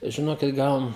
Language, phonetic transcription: Lithuanian, žiˈnokit ˈgal

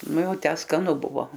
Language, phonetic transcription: Lithuanian, ˈnu ˈjau ˈtę skaˈnu ˈbuvo

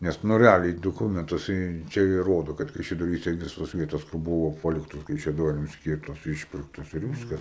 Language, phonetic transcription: Lithuanian, ˈnes nu reˈaliai doˈkumentuose jai ˈčia jai ˈrodu kad kaišiadoˈryse ˈvisos ˈvietos kur ˈbuvo ˈpaliktos kaišiaˈdorims ˈskyrtos ˈišpirktos ir ˈviskas

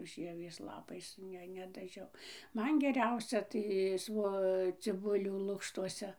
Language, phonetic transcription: Lithuanian, ˈžievės ˈlapais ˈne nedaˈžiau ˈman geˈriausia tai ˈsvo ciˈbulių ˈlukštuose

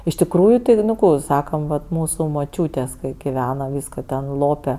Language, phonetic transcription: Lithuanian, iš tikˈrųju ti nu ˈkų i ˈsakam ˈvat ˈmūsu moˈčiūtės' ˈkai giˈveno ˈvysko ten ˈlope

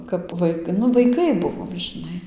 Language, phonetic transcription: Lithuanian, kap ˈvai nu vaiˈkai ˈbuvom žiˈnai

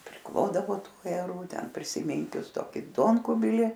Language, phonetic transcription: Lithuanian, priˈklodavo ˈtų ajeˈrų ˈten prisiˈmynkius ˈtoki ˈduonkubili

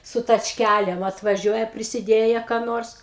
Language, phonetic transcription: Lithuanian, su tačˈkælėm atvaˈžiuoja prisiˈdėje ką ˈnors

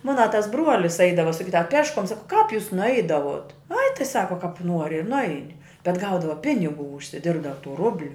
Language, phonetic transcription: Lithuanian, ˈmona tas ˈbruolis ˈaidava saˈkydava a ˈpeškuom ˈsako kāp jūs nuˈaidavuot ai tai ˈsako kāp ˈnuori ir nuˈaini bet ˈgaudava ˈpiniˌgų užsiˈdirbdava tų ˈrubliu

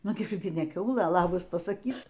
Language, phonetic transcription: Lithuanian, ˈnu ˈgi ne ˈkiaulɘ ˈlabas pasaˈkyk

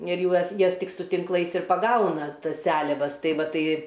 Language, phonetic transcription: Lithuanian, ir ˈjuos ˈjas ˈtik su tinkˈlais ir paˈgauna ˈtas ˈseliavas ˈtai ˈva ˈtai

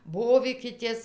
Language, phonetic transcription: Lithuanian, ˈbovykitės

